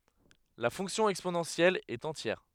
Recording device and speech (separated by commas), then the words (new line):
headset microphone, read sentence
La fonction exponentielle est entière.